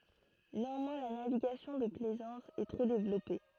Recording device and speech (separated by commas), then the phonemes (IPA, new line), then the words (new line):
throat microphone, read sentence
neɑ̃mwɛ̃ la naviɡasjɔ̃ də plɛzɑ̃s ɛ tʁɛ devlɔpe
Néanmoins la navigation de plaisance est très développée.